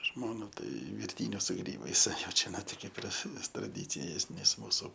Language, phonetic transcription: Lithuanian, ˈžmona ˈtai virˈtynius su ˈgrybais ˈjau ˈčia ˈno ti ˈkėp ir s traˈdycijės ˈnes ˈmūsu

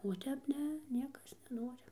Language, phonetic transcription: Lithuanian, o ˈtep ˈne ˈniekas neˈnori

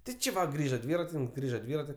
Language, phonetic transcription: Lithuanian, ˈti ˈči ˈva ˈgrįža ˈdvyratininks ˈgrįža ˈdvyrati

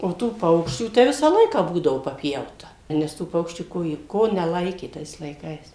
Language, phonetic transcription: Lithuanian, o ˈtų ˈpaukščių tai ˈvisą ˈlaiką ˈbūdavo paˈpjauta nes ˈtų ˈpaukščių ˈko jie ˈko neˈlaikė ˈtais laiˈkais

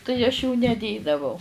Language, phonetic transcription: Lithuanian, tai aš jų neˈdėdavau

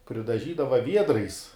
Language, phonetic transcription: Lithuanian, pridaˈžydava ˈviedrais

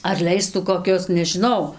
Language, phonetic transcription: Lithuanian, ar ˈleistų koˈkius nežiˈnau

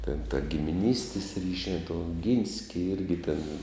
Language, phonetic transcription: Lithuanian, ten ta gimiˈnystis ˈryšiā tų oˈgynski ˈirgi tėn

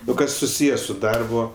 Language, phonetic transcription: Lithuanian, o ˈkas suˈsyje su ˈdarbu

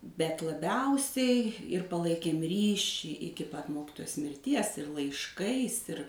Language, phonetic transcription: Lithuanian, bet laˈbiausiai ir paˈlaikėm ˈryšį ˈiki pat ˈmokitojos mirˈties ir laišˈkais ir

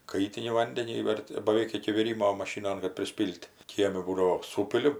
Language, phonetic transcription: Lithuanian, ˈkaitini ˈvandenį ˈverdi baˈveik iki viˈrymo maˈšynon kad priˈspyl't' ˈkiemi ˈbūdavo ˈsūpili

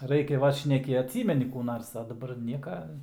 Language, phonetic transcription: Lithuanian, ˈraikia ˈvat šneˈki atˈsymeni kų ˈnars a daˈbar ˈnieka

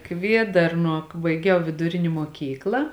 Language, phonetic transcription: Lithuanian, ˈkviedarnuo baiˈgiau viduˈrini muoˈkykla

